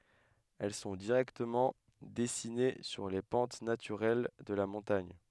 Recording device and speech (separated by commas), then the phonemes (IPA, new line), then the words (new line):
headset microphone, read sentence
ɛl sɔ̃ diʁɛktəmɑ̃ dɛsine syʁ le pɑ̃t natyʁɛl də la mɔ̃taɲ
Elles sont directement dessinées sur les pentes naturelles de la montagne.